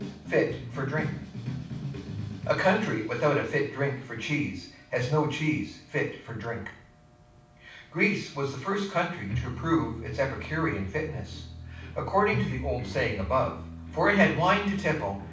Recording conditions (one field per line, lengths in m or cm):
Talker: one person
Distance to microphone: 5.8 m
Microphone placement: far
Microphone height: 1.8 m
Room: medium-sized (5.7 m by 4.0 m)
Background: music